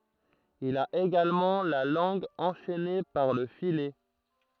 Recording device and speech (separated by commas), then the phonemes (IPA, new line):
throat microphone, read sentence
il a eɡalmɑ̃ la lɑ̃ɡ ɑ̃ʃɛne paʁ lə filɛ